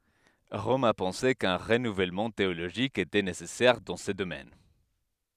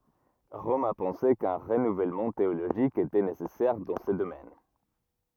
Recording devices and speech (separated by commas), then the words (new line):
headset microphone, rigid in-ear microphone, read sentence
Rome a pensé qu'un renouvellement théologique était nécessaire dans ce domaine.